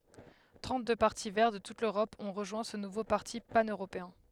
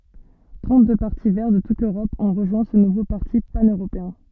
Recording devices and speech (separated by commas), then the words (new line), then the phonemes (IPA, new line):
headset microphone, soft in-ear microphone, read sentence
Trente-deux partis Verts de toute l'Europe ont rejoint ce nouveau parti pan-européen.
tʁɑ̃tdø paʁti vɛʁ də tut løʁɔp ɔ̃ ʁəʒwɛ̃ sə nuvo paʁti panøʁopeɛ̃